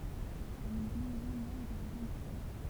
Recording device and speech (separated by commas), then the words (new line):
temple vibration pickup, read sentence
Elle est réélue maire de l'arrondissement.